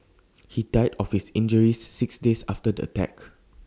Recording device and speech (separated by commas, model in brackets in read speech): standing microphone (AKG C214), read sentence